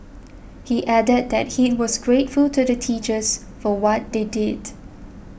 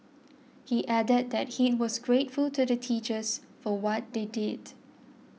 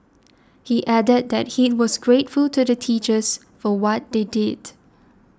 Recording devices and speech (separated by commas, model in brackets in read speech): boundary microphone (BM630), mobile phone (iPhone 6), standing microphone (AKG C214), read sentence